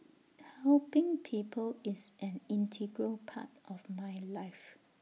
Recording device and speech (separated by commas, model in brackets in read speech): mobile phone (iPhone 6), read sentence